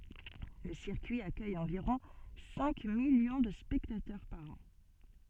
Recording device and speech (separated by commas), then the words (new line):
soft in-ear microphone, read sentence
Le circuit accueille environ cinq millions de spectateurs par an.